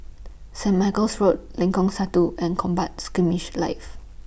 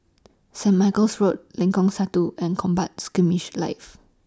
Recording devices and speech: boundary microphone (BM630), standing microphone (AKG C214), read sentence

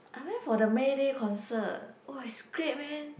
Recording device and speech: boundary microphone, conversation in the same room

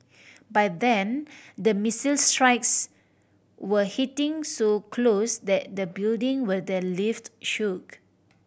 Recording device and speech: boundary microphone (BM630), read sentence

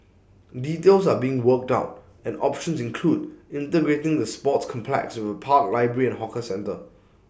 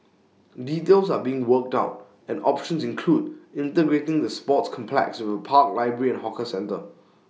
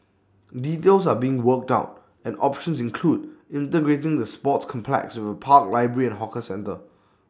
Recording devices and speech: boundary microphone (BM630), mobile phone (iPhone 6), standing microphone (AKG C214), read sentence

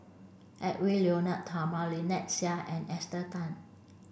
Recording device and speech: boundary microphone (BM630), read sentence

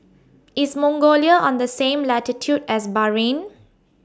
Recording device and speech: standing microphone (AKG C214), read sentence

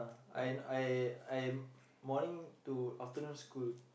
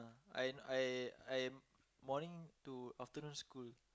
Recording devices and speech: boundary microphone, close-talking microphone, conversation in the same room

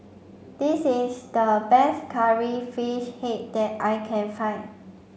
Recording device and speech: mobile phone (Samsung C5), read sentence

